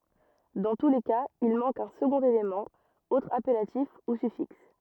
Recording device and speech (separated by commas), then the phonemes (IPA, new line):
rigid in-ear microphone, read sentence
dɑ̃ tu le kaz il mɑ̃k œ̃ səɡɔ̃t elemɑ̃ otʁ apɛlatif u syfiks